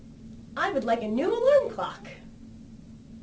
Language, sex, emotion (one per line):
English
female
happy